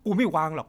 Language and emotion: Thai, angry